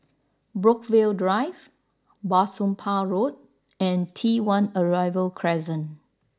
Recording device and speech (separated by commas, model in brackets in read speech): standing microphone (AKG C214), read sentence